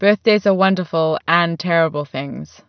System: none